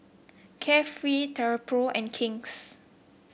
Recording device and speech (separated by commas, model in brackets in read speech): boundary microphone (BM630), read sentence